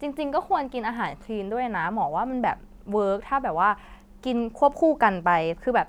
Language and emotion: Thai, neutral